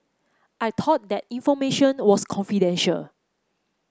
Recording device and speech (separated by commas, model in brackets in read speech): close-talking microphone (WH30), read sentence